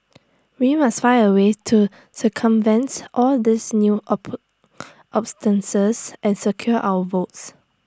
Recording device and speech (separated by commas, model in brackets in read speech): standing microphone (AKG C214), read sentence